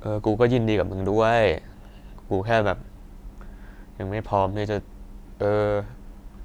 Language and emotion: Thai, frustrated